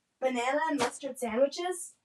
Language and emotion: English, angry